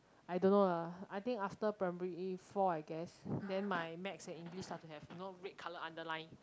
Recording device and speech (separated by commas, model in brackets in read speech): close-talking microphone, conversation in the same room